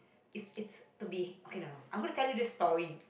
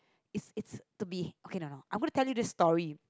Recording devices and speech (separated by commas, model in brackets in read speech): boundary microphone, close-talking microphone, conversation in the same room